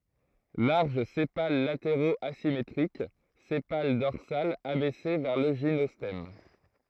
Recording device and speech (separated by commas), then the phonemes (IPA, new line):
throat microphone, read sentence
laʁʒ sepal lateʁoz azimetʁik sepal dɔʁsal abɛse vɛʁ lə ʒinɔstɛm